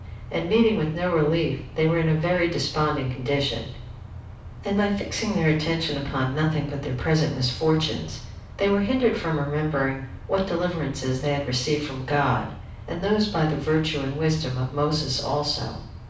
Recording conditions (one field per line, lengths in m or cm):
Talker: one person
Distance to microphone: 5.8 m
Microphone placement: far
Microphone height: 1.8 m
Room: medium-sized (5.7 m by 4.0 m)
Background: none